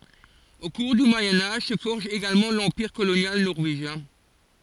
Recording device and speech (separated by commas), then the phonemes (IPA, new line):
forehead accelerometer, read sentence
o kuʁ dy mwajɛ̃ aʒ sə fɔʁʒ eɡalmɑ̃ lɑ̃piʁ kolonjal nɔʁveʒjɛ̃